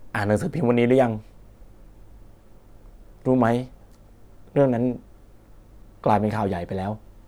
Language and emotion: Thai, sad